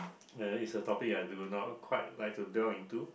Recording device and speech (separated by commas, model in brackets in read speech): boundary microphone, conversation in the same room